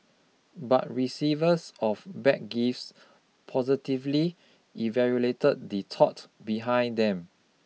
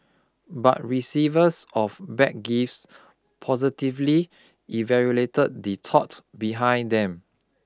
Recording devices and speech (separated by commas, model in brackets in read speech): mobile phone (iPhone 6), close-talking microphone (WH20), read sentence